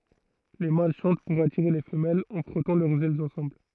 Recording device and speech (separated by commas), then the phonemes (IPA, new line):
throat microphone, read sentence
le mal ʃɑ̃t puʁ atiʁe le fəmɛlz ɑ̃ fʁɔtɑ̃ lœʁz ɛlz ɑ̃sɑ̃bl